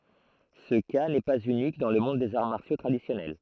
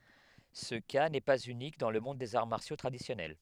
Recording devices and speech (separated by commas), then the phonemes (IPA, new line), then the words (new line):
throat microphone, headset microphone, read sentence
sə ka nɛ paz ynik dɑ̃ lə mɔ̃d dez aʁ maʁsjo tʁadisjɔnɛl
Ce cas n'est pas unique dans le monde des arts martiaux traditionnels.